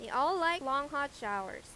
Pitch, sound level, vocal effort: 280 Hz, 94 dB SPL, loud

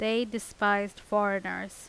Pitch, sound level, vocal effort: 205 Hz, 87 dB SPL, loud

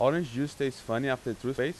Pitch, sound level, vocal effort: 135 Hz, 90 dB SPL, loud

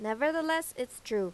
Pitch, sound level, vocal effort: 250 Hz, 90 dB SPL, loud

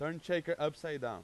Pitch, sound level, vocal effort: 155 Hz, 94 dB SPL, very loud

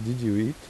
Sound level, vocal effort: 83 dB SPL, soft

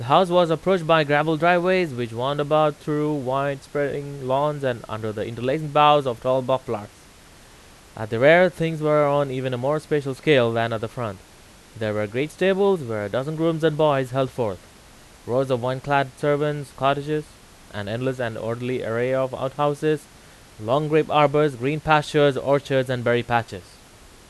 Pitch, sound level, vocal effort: 140 Hz, 92 dB SPL, very loud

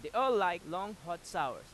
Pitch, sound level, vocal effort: 180 Hz, 98 dB SPL, loud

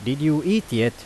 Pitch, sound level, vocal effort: 145 Hz, 89 dB SPL, loud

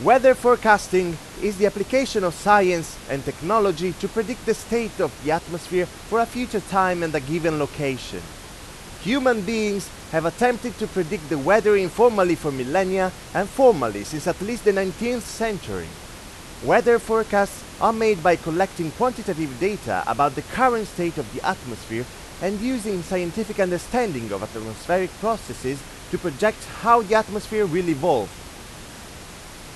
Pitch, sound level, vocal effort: 190 Hz, 96 dB SPL, very loud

